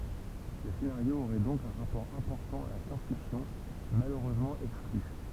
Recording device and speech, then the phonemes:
temple vibration pickup, read sentence
lə senaʁjo oʁɛ dɔ̃k œ̃ ʁapɔʁ ɛ̃pɔʁtɑ̃ a la sjɑ̃s fiksjɔ̃ maløʁøzmɑ̃ ɛkskly

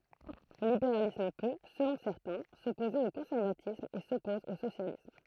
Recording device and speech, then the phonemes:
throat microphone, read sentence
lə libeʁalism pø səlɔ̃ sɛʁtɛ̃ sɔpoze o kɔ̃sɛʁvatism e sɔpɔz o sosjalism

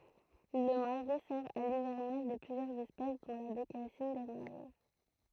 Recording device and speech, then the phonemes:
throat microphone, read sentence
lə maʁɛ sɛʁ a livɛʁnaʒ də plyzjœʁz ɛspɛs dɔ̃ la bekasin de maʁɛ

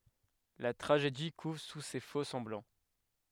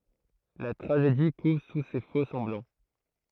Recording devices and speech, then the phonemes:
headset microphone, throat microphone, read sentence
la tʁaʒedi kuv su se fokssɑ̃blɑ̃

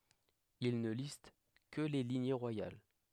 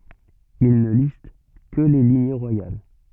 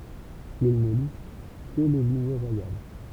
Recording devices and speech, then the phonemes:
headset microphone, soft in-ear microphone, temple vibration pickup, read sentence
il nə list kə le liɲe ʁwajal

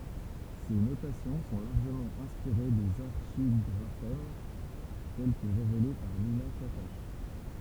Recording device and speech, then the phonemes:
temple vibration pickup, read sentence
se notasjɔ̃ sɔ̃ laʁʒəmɑ̃ ɛ̃spiʁe dez aʁʃiɡʁafɛm tɛl kə ʁevele paʁ nina katak

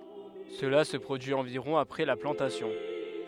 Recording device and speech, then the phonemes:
headset microphone, read sentence
səla sə pʁodyi ɑ̃viʁɔ̃ apʁɛ la plɑ̃tasjɔ̃

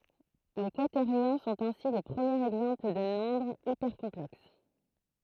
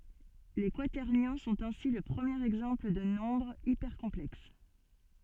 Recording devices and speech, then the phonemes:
throat microphone, soft in-ear microphone, read sentence
le kwatɛʁnjɔ̃ sɔ̃t ɛ̃si lə pʁəmjeʁ ɛɡzɑ̃pl də nɔ̃bʁz ipɛʁkɔ̃plɛks

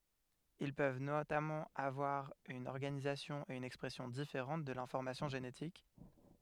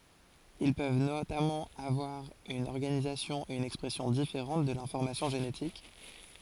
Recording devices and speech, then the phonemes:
headset microphone, forehead accelerometer, read sentence
il pøv notamɑ̃ avwaʁ yn ɔʁɡanizasjɔ̃ e yn ɛkspʁɛsjɔ̃ difeʁɑ̃t də lɛ̃fɔʁmasjɔ̃ ʒenetik

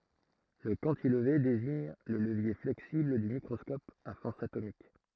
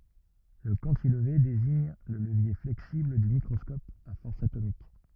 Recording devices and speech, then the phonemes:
throat microphone, rigid in-ear microphone, read sentence
lə kɑ̃tilve deziɲ lə ləvje flɛksibl dy mikʁɔskɔp a fɔʁs atomik

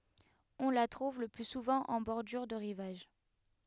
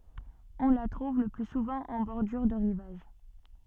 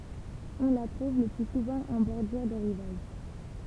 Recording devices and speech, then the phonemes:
headset microphone, soft in-ear microphone, temple vibration pickup, read sentence
ɔ̃ la tʁuv lə ply suvɑ̃ ɑ̃ bɔʁdyʁ də ʁivaʒ

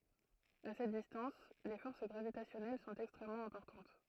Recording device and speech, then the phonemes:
throat microphone, read sentence
a sɛt distɑ̃s le fɔʁs ɡʁavitasjɔnɛl sɔ̃t ɛkstʁɛmmɑ̃ ɛ̃pɔʁtɑ̃t

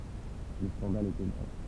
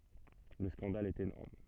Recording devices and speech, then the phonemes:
temple vibration pickup, soft in-ear microphone, read sentence
lə skɑ̃dal ɛt enɔʁm

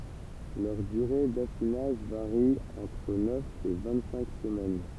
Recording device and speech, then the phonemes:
temple vibration pickup, read sentence
lœʁ dyʁe dafinaʒ vaʁi ɑ̃tʁ nœf e vɛ̃ɡtsɛ̃k səmɛn

